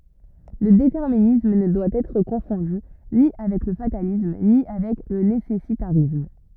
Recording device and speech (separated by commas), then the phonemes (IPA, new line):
rigid in-ear microphone, read sentence
lə detɛʁminism nə dwa ɛtʁ kɔ̃fɔ̃dy ni avɛk lə fatalism ni avɛk lə nesɛsitaʁism